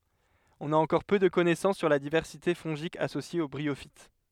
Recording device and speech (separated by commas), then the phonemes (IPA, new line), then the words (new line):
headset microphone, read sentence
ɔ̃n a ɑ̃kɔʁ pø də kɔnɛsɑ̃s syʁ la divɛʁsite fɔ̃ʒik asosje o bʁiofit
On a encore peu de connaissances sur la diversité fongique associée aux bryophytes.